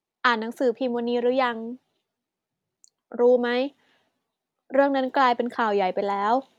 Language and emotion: Thai, neutral